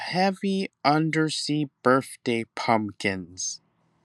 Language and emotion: English, angry